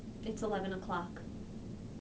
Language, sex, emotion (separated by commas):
English, female, neutral